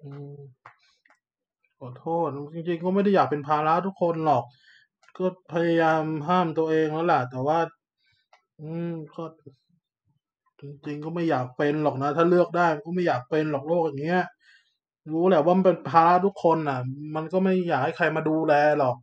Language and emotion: Thai, sad